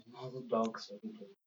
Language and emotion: English, sad